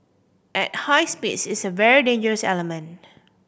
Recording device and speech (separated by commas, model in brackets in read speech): boundary microphone (BM630), read sentence